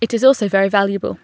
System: none